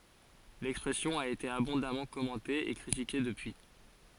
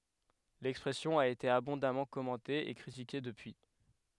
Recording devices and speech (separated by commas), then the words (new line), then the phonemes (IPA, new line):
forehead accelerometer, headset microphone, read sentence
L'expression a été abondamment commentée et critiquée depuis.
lɛkspʁɛsjɔ̃ a ete abɔ̃damɑ̃ kɔmɑ̃te e kʁitike dəpyi